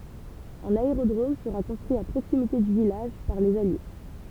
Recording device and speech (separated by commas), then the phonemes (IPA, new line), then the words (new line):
temple vibration pickup, read sentence
œ̃n aeʁodʁom səʁa kɔ̃stʁyi a pʁoksimite dy vilaʒ paʁ lez alje
Un aérodrome sera construit à proximité du village par les Alliés.